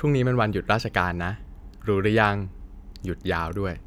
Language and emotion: Thai, neutral